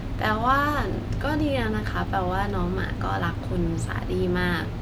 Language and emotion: Thai, neutral